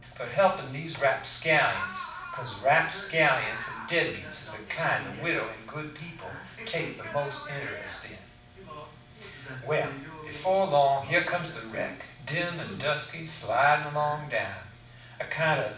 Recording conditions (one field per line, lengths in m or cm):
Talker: one person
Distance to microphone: 5.8 m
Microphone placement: far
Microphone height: 1.8 m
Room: medium-sized (5.7 m by 4.0 m)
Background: television